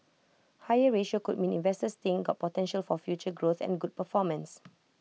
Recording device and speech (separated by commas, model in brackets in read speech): mobile phone (iPhone 6), read sentence